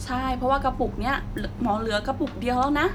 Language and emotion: Thai, happy